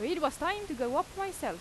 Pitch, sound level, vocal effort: 345 Hz, 91 dB SPL, very loud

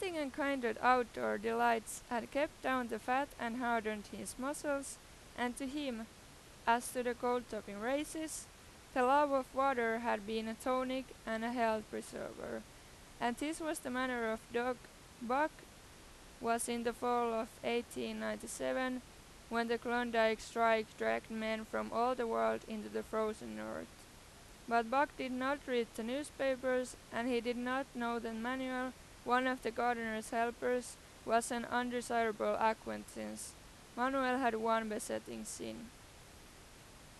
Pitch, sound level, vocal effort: 235 Hz, 91 dB SPL, loud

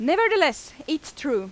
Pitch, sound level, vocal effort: 295 Hz, 92 dB SPL, very loud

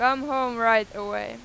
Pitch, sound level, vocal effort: 225 Hz, 99 dB SPL, very loud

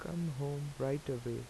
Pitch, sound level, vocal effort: 140 Hz, 81 dB SPL, soft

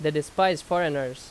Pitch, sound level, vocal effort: 155 Hz, 89 dB SPL, very loud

